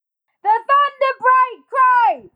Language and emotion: English, angry